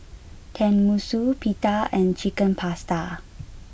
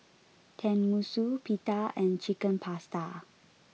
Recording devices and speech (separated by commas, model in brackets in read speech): boundary microphone (BM630), mobile phone (iPhone 6), read sentence